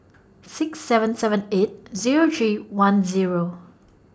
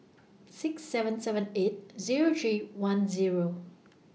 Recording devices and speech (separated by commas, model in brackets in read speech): standing microphone (AKG C214), mobile phone (iPhone 6), read sentence